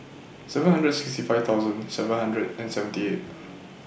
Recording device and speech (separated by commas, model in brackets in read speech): boundary microphone (BM630), read sentence